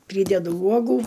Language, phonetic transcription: Lithuanian, ˈprydedu ˈuogų

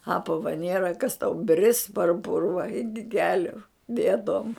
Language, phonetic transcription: Lithuanian, ˈapava ˈnėra kas tau bris par ˈpurva ˈiki ˈkeliu ˈbėdom

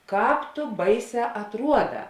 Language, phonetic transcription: Lithuanian, ˈkāp tu ˈbaiˌsē atˈruoˌdā

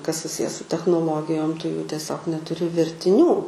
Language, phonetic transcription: Lithuanian, kas suˈsije su technoˈlogijom tu jų tieˈsiog netuˈri vertiˈnių

